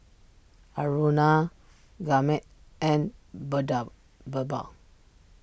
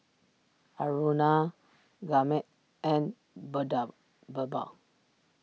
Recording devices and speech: boundary microphone (BM630), mobile phone (iPhone 6), read sentence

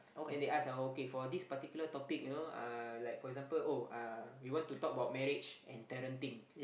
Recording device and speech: boundary microphone, conversation in the same room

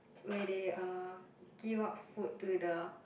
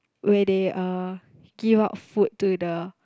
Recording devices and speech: boundary microphone, close-talking microphone, conversation in the same room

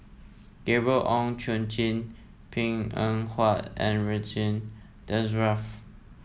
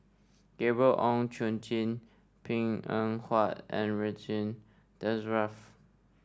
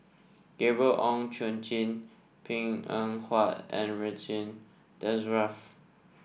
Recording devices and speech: mobile phone (iPhone 7), standing microphone (AKG C214), boundary microphone (BM630), read sentence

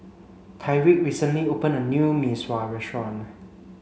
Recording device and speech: mobile phone (Samsung C5), read sentence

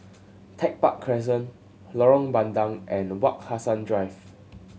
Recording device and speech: mobile phone (Samsung C7100), read sentence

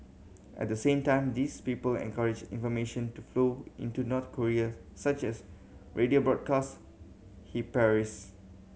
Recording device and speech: mobile phone (Samsung C7100), read sentence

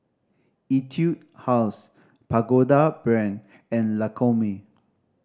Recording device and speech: standing microphone (AKG C214), read sentence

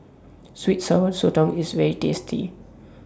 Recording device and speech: standing microphone (AKG C214), read sentence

